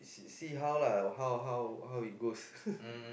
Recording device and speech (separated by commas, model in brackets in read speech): boundary microphone, conversation in the same room